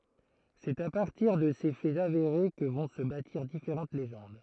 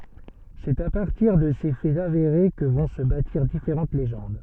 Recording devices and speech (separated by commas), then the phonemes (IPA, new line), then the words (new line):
throat microphone, soft in-ear microphone, read sentence
sɛt a paʁtiʁ də se fɛz aveʁe kə vɔ̃ sə batiʁ difeʁɑ̃t leʒɑ̃d
C'est à partir de ces faits avérés que vont se bâtir différentes légendes.